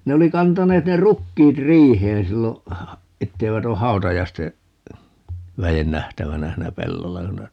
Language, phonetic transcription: Finnish, 'ne oli 'kantaneet 'ne "rukkiit 'riiheen 'sillo , 'etteivät ‿o "hau̬tajaiste , 'väjen 'nähtävänä 'hiinä "pellolla (ku ne) ,.
- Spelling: ne oli kantaneet ne rukiit riiheen silloin että eivät ole hautajaisten väen nähtävänä siinä pellolla kun ne

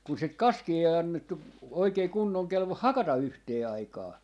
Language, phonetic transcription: Finnish, kun sit "kaskii 'ei 'annettu , oikei 'kunnoŋ 'kelvoh "hakata 'yhtee 'aikaa .
- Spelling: kun sitä kaskea ei annettu oikein kunnon kelvon hakata yhteen aikaan

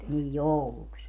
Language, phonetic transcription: Finnish, nij "jouluks ?
- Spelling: niin jouluksi

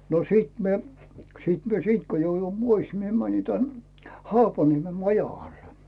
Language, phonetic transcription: Finnish, no 'sìt mie , 'sìt mie "siint ko 'joujui "pois mie mäni tän , "Haapanieme 'majaGal .
- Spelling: no sitten minä sitten minä siitä kun jouduin pois minä menin tänne Haapaniemen majakalle

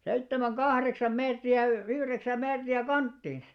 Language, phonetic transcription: Finnish, 'seittemäŋ "ɢahreksam 'meetri₍ä y- , "yhreksäm 'meetri₍ä "kanttiins .
- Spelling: seitsemän kahdeksan metriä - yhdeksän metriä kanttiinsa

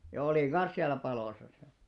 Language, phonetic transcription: Finnish, ja 'olìŋ "ɢan̬s siällä 'palòsa (si) .
- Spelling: ja olin kanssa siellä palossa sitten

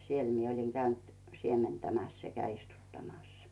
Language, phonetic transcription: Finnish, siel mie oĺiŋ käynt 'siementämäs sekä 'istuttamas .
- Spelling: siellä minä olin käynyt siementämässä sekä istuttamassa

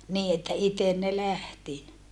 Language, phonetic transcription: Finnish, niii että iten ne lähti .
- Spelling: niin että itse ne lähti

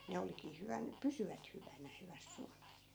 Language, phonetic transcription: Finnish, ne 'olik̀ii 'hyvän , "pysyvät hyvänä 'hyväs 'sualas .
- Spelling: ne olikin hyvänä pysyvät hyvänä hyvässä suolassa

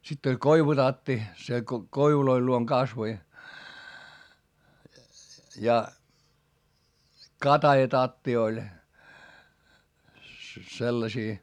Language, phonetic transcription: Finnish, sitt ‿oĺ koivutatti , se ko- , koivuloil luoŋ kasvoi , ja , katajatatti oĺ , sellasii .
- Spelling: sitten oli koivutatti se - koivujen luona kasvoi ja katajatatti oli sellaisia

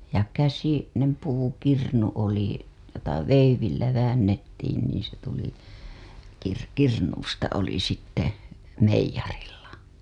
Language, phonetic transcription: Finnish, ja käsi- , -nem , puukirnu oli , jota 'veivillä väännettiin niiḭ se tuli , kir- , kirnuusta oli sitte , 'meij̆jarilla .
- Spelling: ja - käsinen puukirnu oli jota veivillä väännettiin niin se tuli - kirnusta oli sitten meijerillä

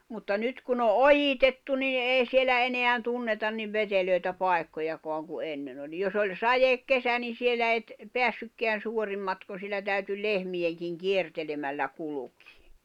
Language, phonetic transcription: Finnish, mutta 'nyt kun ‿o "’ojitettu nin̬ '’èi sielä 'eneän 'tunnetan niv 'veteloi̬tä 'pài̬kkojakoaŋ ku '’ennen ‿oĺ jos ‿oĺ , "sajekkesä ni siel̆lä et , "peässykkeän̬ 'suorim matkon̬ sielä täyty "lehmi ₍eŋkiŋ "kiertelemällä 'kulukɪɪ .
- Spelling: mutta nyt kun on ojitettu niin ei siellä enää tunneta niin veteliä paikkojakaan kuin ennen oli jos oli sadekesä niin siellä et päässytkään suorin matkoin siellä täytyi - lehmienkin kiertelemällä kulkea

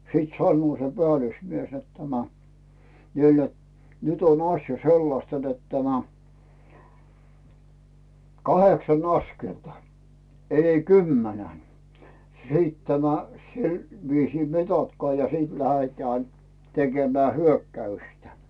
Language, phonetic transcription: Finnish, 'sìt 'sannᵘo se "pᵉälusmies net tämä , niil net , » 'nyt ‿on asja "sellasta net tämä , "kaheksan ‿"askelta , 'ei "kymmänän , 'sit tämä , 'sil , viisii "mitatkᵒà ja 'sìt 'lähetään , 'tekemää "hyökkäystä « .
- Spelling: sitten sanoo se päällysmies että tämä niille että nyt on asia sellaista että tämä kahdeksan askelta ei kymmenen sitten tämä sillä viisiin mitatkaa ja sitten lähdetään tekemään hyökkäystä

